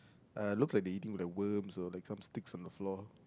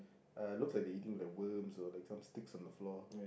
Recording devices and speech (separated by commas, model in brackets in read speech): close-talking microphone, boundary microphone, conversation in the same room